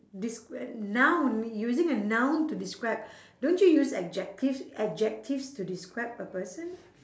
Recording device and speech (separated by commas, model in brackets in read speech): standing microphone, conversation in separate rooms